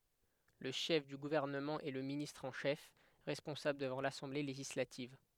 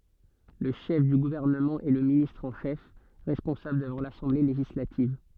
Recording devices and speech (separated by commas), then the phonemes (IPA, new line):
headset microphone, soft in-ear microphone, read sentence
lə ʃɛf dy ɡuvɛʁnəmɑ̃ ɛ lə ministʁ ɑ̃ ʃɛf ʁɛspɔ̃sabl dəvɑ̃ lasɑ̃ble leʒislativ